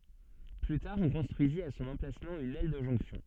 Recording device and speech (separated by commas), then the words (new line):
soft in-ear microphone, read sentence
Plus tard on construisit à son emplacement une aile de jonction.